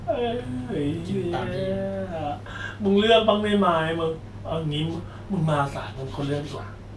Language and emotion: Thai, frustrated